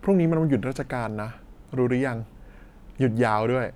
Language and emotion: Thai, frustrated